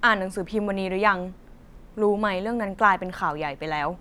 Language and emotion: Thai, frustrated